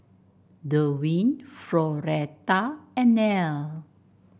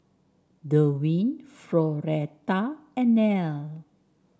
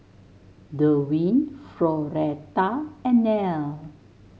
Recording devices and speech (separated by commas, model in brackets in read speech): boundary microphone (BM630), standing microphone (AKG C214), mobile phone (Samsung S8), read sentence